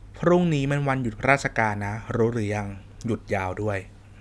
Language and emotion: Thai, neutral